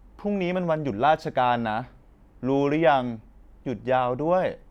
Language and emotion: Thai, neutral